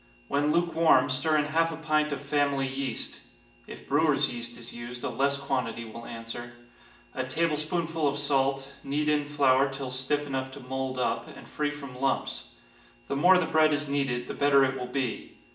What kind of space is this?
A spacious room.